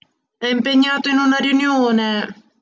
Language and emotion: Italian, sad